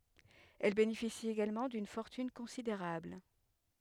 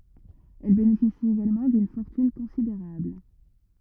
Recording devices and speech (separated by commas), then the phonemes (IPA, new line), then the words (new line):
headset microphone, rigid in-ear microphone, read sentence
ɛl benefisi eɡalmɑ̃ dyn fɔʁtyn kɔ̃sideʁabl
Elle bénéficie également d'une fortune considérable.